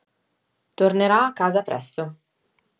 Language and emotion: Italian, neutral